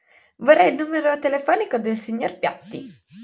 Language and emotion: Italian, happy